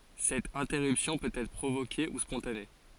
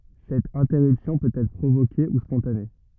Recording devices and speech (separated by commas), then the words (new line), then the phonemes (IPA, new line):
forehead accelerometer, rigid in-ear microphone, read sentence
Cette interruption peut être provoquée ou spontanée.
sɛt ɛ̃tɛʁypsjɔ̃ pøt ɛtʁ pʁovoke u spɔ̃tane